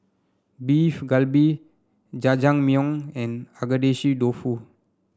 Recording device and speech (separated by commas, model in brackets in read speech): standing microphone (AKG C214), read sentence